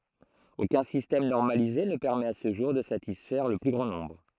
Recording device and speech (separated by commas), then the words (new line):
throat microphone, read sentence
Aucun système normalisé ne permet à ce jour de satisfaire le plus grand nombre.